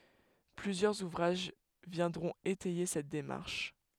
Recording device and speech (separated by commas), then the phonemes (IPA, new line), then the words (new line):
headset microphone, read sentence
plyzjœʁz uvʁaʒ vjɛ̃dʁɔ̃t etɛje sɛt demaʁʃ
Plusieurs ouvrages viendront étayer cette démarche.